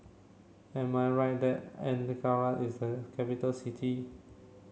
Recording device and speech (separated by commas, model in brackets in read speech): mobile phone (Samsung C7), read sentence